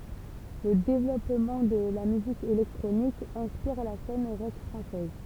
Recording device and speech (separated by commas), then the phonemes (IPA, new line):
temple vibration pickup, read sentence
lə devlɔpmɑ̃ də la myzik elɛktʁonik ɛ̃spiʁ la sɛn ʁɔk fʁɑ̃sɛz